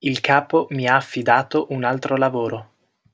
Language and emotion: Italian, neutral